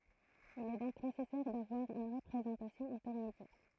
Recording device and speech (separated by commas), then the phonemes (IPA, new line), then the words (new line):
throat microphone, read sentence
il ɛ dɔ̃k nesɛsɛʁ davwaʁ yn ʁəpʁezɑ̃tasjɔ̃ ɛ̃tɛʁmedjɛʁ
Il est donc nécessaire d'avoir une représentation intermédiaire.